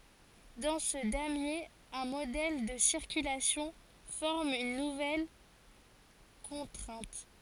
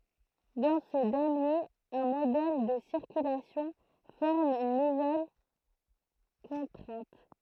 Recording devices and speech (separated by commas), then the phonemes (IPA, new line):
forehead accelerometer, throat microphone, read sentence
dɑ̃ sə damje œ̃ modɛl də siʁkylasjɔ̃ fɔʁm yn nuvɛl kɔ̃tʁɛ̃t